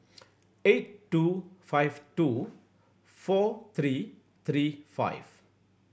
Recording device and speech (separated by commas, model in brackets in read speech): boundary microphone (BM630), read sentence